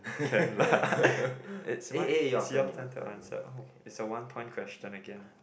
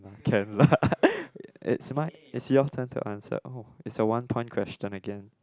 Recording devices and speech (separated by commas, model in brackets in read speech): boundary microphone, close-talking microphone, conversation in the same room